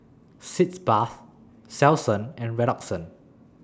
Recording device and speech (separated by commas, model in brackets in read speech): standing microphone (AKG C214), read sentence